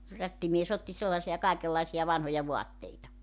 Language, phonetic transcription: Finnish, (kur) 'rättimies ‿otti sellaᵉsi₍a 'kàekellaisi₍a 'vanhoja "vuatteita .
- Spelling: kun rättimies otti sellaisia kaikenlaisia vanhoja vaatteita

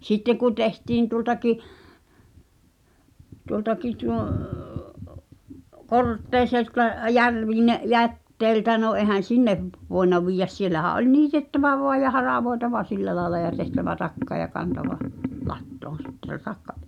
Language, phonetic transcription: Finnish, 'sitteŋ kuⁿ 'tehtiin tuᵒltaki , 'tuoltaki tuò- , "Korttèiselta , 'Järvine- , -"jät̀teĭltä no ’èhän̬ "sinnev , 'voenna 'viijjäs 'siellähä’ ’oĺ "niitettävä 'voaj̆ ja 'haràvoetava "siliä laela ja 'tehtävä "takka ja 'kantava , "lattoon̬ sitte (se) takka .
- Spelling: sitten kun tehtiin tuoltakin tuoltakin - Kortteiselta - jätteiltä no eihän sinne voinut viedä siellähän oli niitettävä vain ja haravoitava sillä lailla ja tehtävä takka ja kannettava latoon sitten se takka

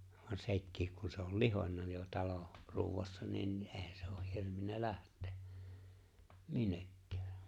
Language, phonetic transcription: Finnish, van 'sekkiik kun̬ se oĺ̀ "lihońna jo taloʳ , 'ruuwassa niin , 'ee se oh 'hirvinnäl "läht̀ee , "minnekkᴀ̈ᴀ̈ .
- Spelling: vaan sekin kun se oli lihonut jo talon ruuassa niin ei se ole hirvinnyt lähteä minnekään

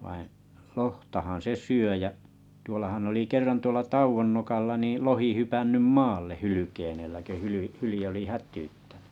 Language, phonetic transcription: Finnish, vaiⁱ̰ , 'lohtahan se syö jä , tuolahan oli 'kerran tuola "Tauvo̰n nokalla nii , 'lohi hypännym "maalleʰ 'hylykeen ‿elää kö 'hyly- , 'hylⁱje oli 'hät̆tyyttäɴᴜ .
- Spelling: vaan lohtahan se syö ja tuollahan oli kerran tuolla Tauvon nokalla niin lohi hypännyt maalle hylkeen edellä kun - hylje oli hätyyttänyt

